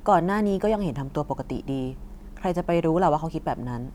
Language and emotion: Thai, frustrated